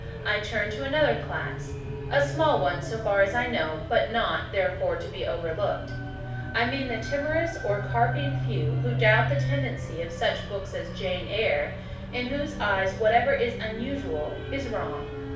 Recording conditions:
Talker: one person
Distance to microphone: 5.8 m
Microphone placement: far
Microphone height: 1.8 m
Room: medium-sized (5.7 m by 4.0 m)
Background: music

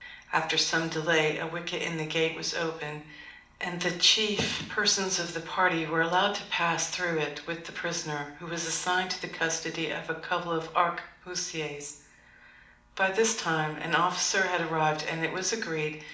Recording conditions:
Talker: one person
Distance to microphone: 2.0 m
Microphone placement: close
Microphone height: 99 cm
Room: medium-sized (5.7 m by 4.0 m)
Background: none

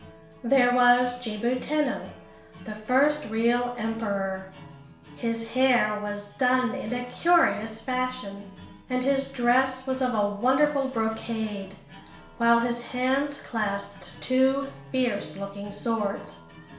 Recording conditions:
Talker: one person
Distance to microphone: 1.0 m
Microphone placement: close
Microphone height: 1.1 m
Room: small (3.7 m by 2.7 m)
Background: music

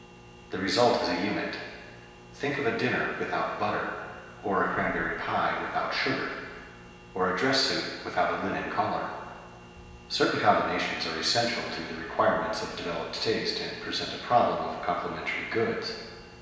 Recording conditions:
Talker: one person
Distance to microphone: 1.7 m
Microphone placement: close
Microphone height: 1.0 m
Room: very reverberant, large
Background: none

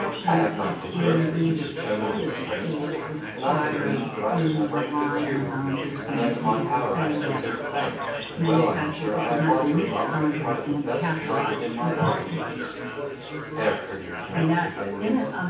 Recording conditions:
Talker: one person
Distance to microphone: 9.8 m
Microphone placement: far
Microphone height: 1.8 m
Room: large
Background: babble

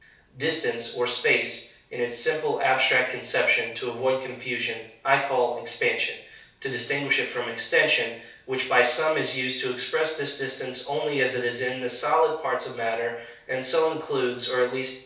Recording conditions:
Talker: one person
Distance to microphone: 3.0 m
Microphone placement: far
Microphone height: 1.8 m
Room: small (3.7 m by 2.7 m)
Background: none

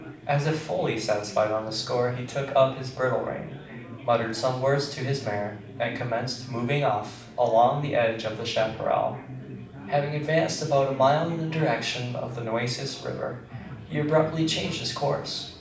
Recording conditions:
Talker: one person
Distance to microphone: 5.8 m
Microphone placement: far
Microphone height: 1.8 m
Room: medium-sized (5.7 m by 4.0 m)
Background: babble

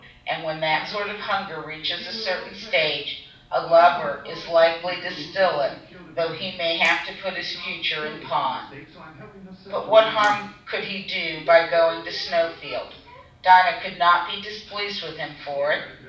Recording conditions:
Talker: one person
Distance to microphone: 5.8 m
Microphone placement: far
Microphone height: 1.8 m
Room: medium-sized (5.7 m by 4.0 m)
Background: television

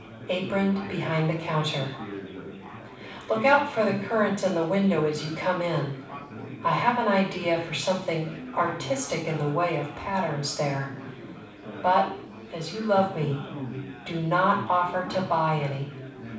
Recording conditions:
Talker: one person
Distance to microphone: 5.8 m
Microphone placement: far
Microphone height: 1.8 m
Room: medium-sized (5.7 m by 4.0 m)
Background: babble

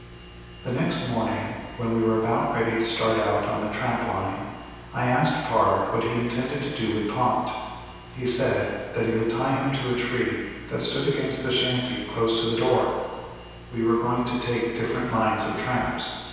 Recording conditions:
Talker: one person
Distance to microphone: 7.1 m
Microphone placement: far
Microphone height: 1.7 m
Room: very reverberant, large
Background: none

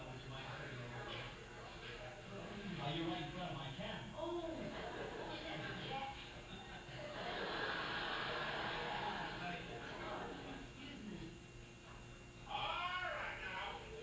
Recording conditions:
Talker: no one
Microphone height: 1.0 m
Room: large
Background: television

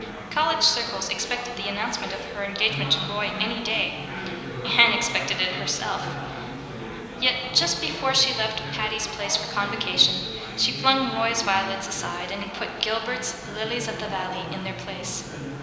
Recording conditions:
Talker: one person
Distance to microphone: 1.7 m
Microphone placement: close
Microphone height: 1.0 m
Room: very reverberant, large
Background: babble

